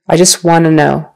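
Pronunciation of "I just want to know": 'Want to' is said as 'wanna': the t at the end of 'want' is dropped, and the word blends into the next one.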